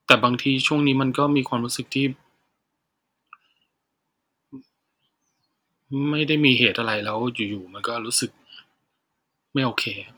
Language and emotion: Thai, sad